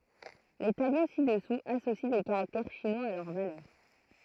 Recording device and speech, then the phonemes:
throat microphone, read sentence
le tablo sidɛsuz asosi de kaʁaktɛʁ ʃinwaz a lœʁ valœʁ

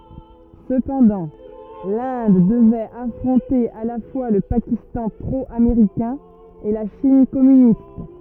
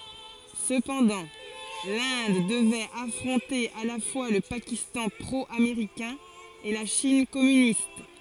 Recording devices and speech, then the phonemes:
rigid in-ear microphone, forehead accelerometer, read sentence
səpɑ̃dɑ̃ lɛ̃d dəvɛt afʁɔ̃te a la fwa lə pakistɑ̃ pʁo ameʁikɛ̃ e la ʃin kɔmynist

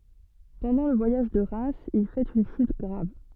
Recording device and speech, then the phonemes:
soft in-ear microphone, read sentence
pɑ̃dɑ̃ lə vwajaʒ də ʁɛmz il fɛt yn ʃyt ɡʁav

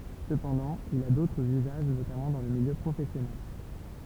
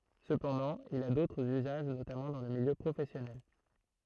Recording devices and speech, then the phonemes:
temple vibration pickup, throat microphone, read sentence
səpɑ̃dɑ̃ il a dotʁz yzaʒ notamɑ̃ dɑ̃ lə miljø pʁofɛsjɔnɛl

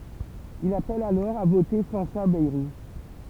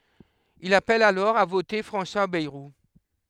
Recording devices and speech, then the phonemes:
temple vibration pickup, headset microphone, read sentence
il apɛl alɔʁ a vote fʁɑ̃swa bɛʁu

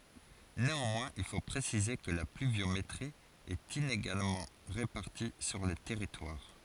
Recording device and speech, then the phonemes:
forehead accelerometer, read sentence
neɑ̃mwɛ̃z il fo pʁesize kə la plyvjometʁi ɛt ineɡalmɑ̃ ʁepaʁti syʁ lə tɛʁitwaʁ

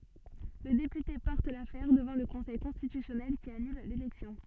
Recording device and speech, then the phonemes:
soft in-ear microphone, read sentence
lə depyte pɔʁt lafɛʁ dəvɑ̃ lə kɔ̃sɛj kɔ̃stitysjɔnɛl ki anyl lelɛksjɔ̃

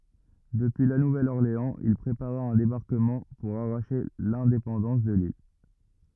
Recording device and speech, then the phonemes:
rigid in-ear microphone, read sentence
dəpyi la nuvɛl ɔʁleɑ̃z il pʁepaʁa œ̃ debaʁkəmɑ̃ puʁ aʁaʃe lɛ̃depɑ̃dɑ̃s də lil

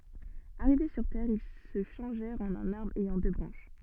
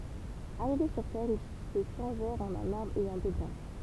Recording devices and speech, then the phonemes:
soft in-ear microphone, temple vibration pickup, read sentence
aʁive syʁ tɛʁ il sə ʃɑ̃ʒɛʁt ɑ̃n œ̃n aʁbʁ ɛjɑ̃ dø bʁɑ̃ʃ

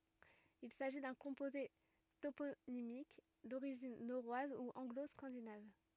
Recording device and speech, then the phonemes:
rigid in-ear microphone, read sentence
il saʒi dœ̃ kɔ̃poze toponimik doʁiʒin noʁwaz u ɑ̃ɡlo skɑ̃dinav

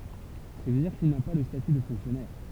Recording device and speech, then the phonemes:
temple vibration pickup, read sentence
sɛstadiʁ kil na pa lə staty də fɔ̃ksjɔnɛʁ

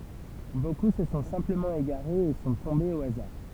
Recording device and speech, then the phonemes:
temple vibration pickup, read sentence
boku sə sɔ̃ sɛ̃pləmɑ̃ eɡaʁez e sɔ̃ tɔ̃bez o azaʁ

